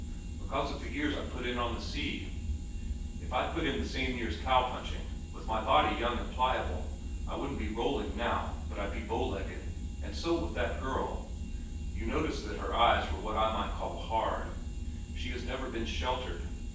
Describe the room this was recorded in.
A large space.